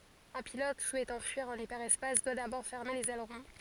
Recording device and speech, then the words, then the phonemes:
forehead accelerometer, read sentence
Un pilote souhaitant fuir en hyperespace doit d’abord fermer les ailerons.
œ̃ pilɔt suɛtɑ̃ fyiʁ ɑ̃n ipɛʁɛspas dwa dabɔʁ fɛʁme lez ɛlʁɔ̃

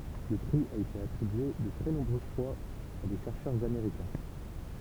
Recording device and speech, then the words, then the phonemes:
temple vibration pickup, read sentence
Le prix a été attribué de très nombreuses fois à des chercheurs américains.
lə pʁi a ete atʁibye də tʁɛ nɔ̃bʁøz fwaz a de ʃɛʁʃœʁz ameʁikɛ̃

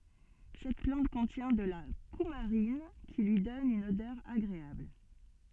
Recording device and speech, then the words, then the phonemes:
soft in-ear microphone, read sentence
Cette plante contient de la coumarine, qui lui donne une odeur agréable.
sɛt plɑ̃t kɔ̃tjɛ̃ də la kumaʁin ki lyi dɔn yn odœʁ aɡʁeabl

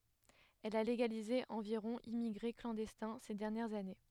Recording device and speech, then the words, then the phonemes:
headset microphone, read sentence
Elle a légalisé environ immigrés clandestins ces dernières années.
ɛl a leɡalize ɑ̃viʁɔ̃ immiɡʁe klɑ̃dɛstɛ̃ se dɛʁnjɛʁz ane

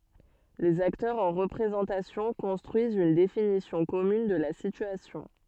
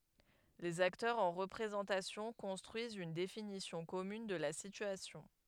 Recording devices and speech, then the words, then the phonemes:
soft in-ear microphone, headset microphone, read sentence
Les acteurs en représentation construisent une définition commune de la situation.
lez aktœʁz ɑ̃ ʁəpʁezɑ̃tasjɔ̃ kɔ̃stʁyizt yn definisjɔ̃ kɔmyn də la sityasjɔ̃

